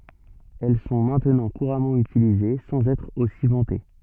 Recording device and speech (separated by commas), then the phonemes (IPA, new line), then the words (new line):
soft in-ear microphone, read sentence
ɛl sɔ̃ mɛ̃tnɑ̃ kuʁamɑ̃ ytilize sɑ̃z ɛtʁ osi vɑ̃te
Elles sont maintenant couramment utilisées sans être aussi vantées.